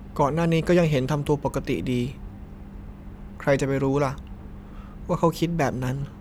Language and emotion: Thai, neutral